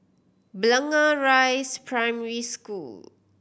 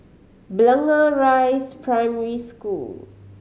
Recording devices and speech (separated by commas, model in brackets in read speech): boundary microphone (BM630), mobile phone (Samsung C5010), read sentence